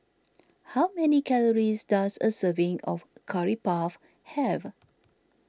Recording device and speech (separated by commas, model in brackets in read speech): standing microphone (AKG C214), read sentence